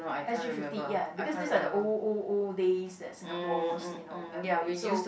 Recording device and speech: boundary microphone, conversation in the same room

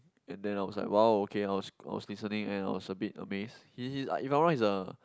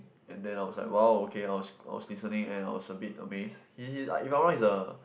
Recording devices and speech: close-talking microphone, boundary microphone, conversation in the same room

